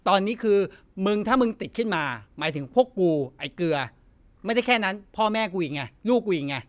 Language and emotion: Thai, angry